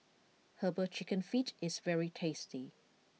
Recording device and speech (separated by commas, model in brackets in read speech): mobile phone (iPhone 6), read sentence